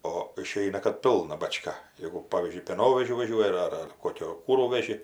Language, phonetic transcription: Lithuanian, o iˈšeina kad ˈpilna baˈčka ˈjėgu ˈpavyzdžiui pėˈnovežiu vaˈžiuoji ar ar ˈkokio ˈkūrų veˈži

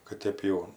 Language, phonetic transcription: Lithuanian, kad ˈtėp jau

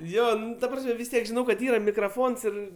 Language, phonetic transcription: Lithuanian, ˈjo ˈnu ta ˈprasme vis ˈtiek žiˈnau kad ˈyra mikraˈfons ˈir

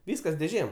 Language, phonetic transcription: Lithuanian, ˈvyskas dėˈžėm

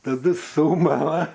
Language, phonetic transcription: Lithuanian, taˈdu ˈsūmala

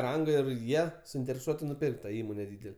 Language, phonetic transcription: Lithuanian, ˈranga ir ˈjie suintereˈsuoti nuˈpirkt ta ˈįmone ˈdydele

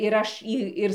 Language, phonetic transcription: Lithuanian, ir ˈaš y ˈir

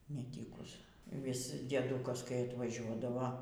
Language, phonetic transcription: Lithuanian, neˈtykus vis dieˈdukas kai atvaˈžiuodavo

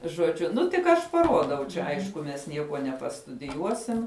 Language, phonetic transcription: Lithuanian, žoˈdžiu ˈnu tik ˈaš paˈruodau čia ˈaišku mes ˈniekuo nepastudiˈjuosim

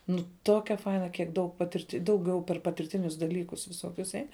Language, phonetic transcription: Lithuanian, nu ˈtokia ˈfaina kiekˈ daug paˈtirt' dauˈgiau per patirˈtinius daˈlykus viˈsokius ˈein

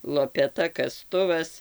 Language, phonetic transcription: Lithuanian, lopeˈta kaˈstuvas

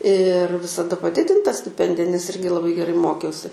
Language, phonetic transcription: Lithuanian, ir visaˈda paˈdidinta stiˈpendija nes ˈirgi laˈbai geˈrai ˈmokiausi

